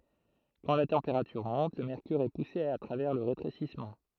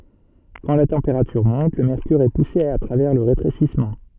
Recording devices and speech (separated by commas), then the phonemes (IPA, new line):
throat microphone, soft in-ear microphone, read sentence
kɑ̃ la tɑ̃peʁatyʁ mɔ̃t lə mɛʁkyʁ ɛ puse a tʁavɛʁ lə ʁetʁesismɑ̃